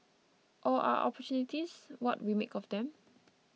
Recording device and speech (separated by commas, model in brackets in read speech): mobile phone (iPhone 6), read sentence